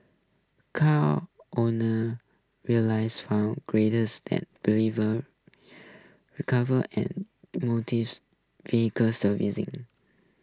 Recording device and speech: close-talking microphone (WH20), read sentence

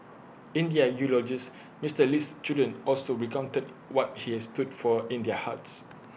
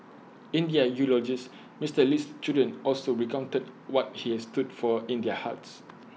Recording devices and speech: boundary microphone (BM630), mobile phone (iPhone 6), read sentence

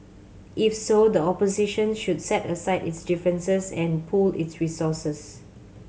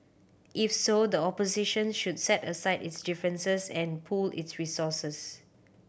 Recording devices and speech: mobile phone (Samsung C7100), boundary microphone (BM630), read sentence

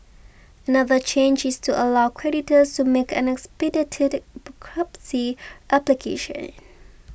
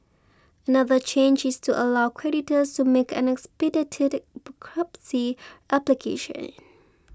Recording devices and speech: boundary microphone (BM630), close-talking microphone (WH20), read sentence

